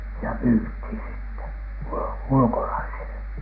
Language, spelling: Finnish, ja myytiin sitten - ulkolaisille
- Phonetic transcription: ja "myythìn sitte 'ul- , 'ulkolaisile .

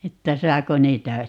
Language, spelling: Finnish, että saako niitä
- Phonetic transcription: 'että "saako 'niitä , .

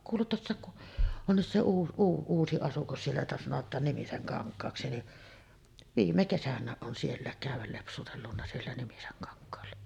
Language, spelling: Finnish, kuule tuossakin kun onkin se - - uusi asukas siellä jota sanotaan Nimisenkankaaksi niin viime kesänäkin on siellä käydä lepsutellut siellä Nimisenkankaalla
- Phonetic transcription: kuulet tuossàek ku , onnis se uu- uu- 'uusi 'asukas siellä jota sanot̀aan 'Nimiseŋkaŋk̆kaaksi ni , "viimme 'kesän̆nääˀ ˀon siellä̀ek kä̀yv̆väl lepsutellunna siellä Nimiseŋkaŋk̆kaalla .

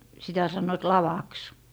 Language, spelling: Finnish, sitä sanoivat lavaksi
- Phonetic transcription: sitä 'sannoⁱt "lavaks .

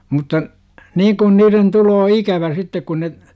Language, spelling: Finnish, mutta niin kun niiden tulee ikävä sitten kun ne
- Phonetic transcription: mut̆ta , 'niiŋ kun niiren 'tuloo "ikävä sittek kun ne ,.

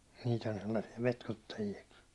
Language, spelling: Finnish, niitä on sellaisia petkuttajiakin
- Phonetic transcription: niit ‿on sellassɪᴀ 'petkuttaji₍aki .

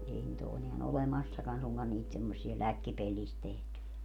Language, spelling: Finnish, ei niitä ole enää olemassakaan suinkaan niitä semmoisia läkkipellistä tehtyjä
- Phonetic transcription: ei nit ‿o 'eneä"n ‿olemassakan suŋkan niit semmos̀i₍a "läkkipellist 'tehtyjä .

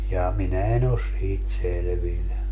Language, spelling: Finnish, jaa minä en ole siitä selvillä
- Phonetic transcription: jaa 'minä en ‿os 'siit 'selᵉvillä .

